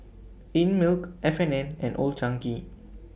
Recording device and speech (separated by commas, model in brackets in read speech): boundary microphone (BM630), read sentence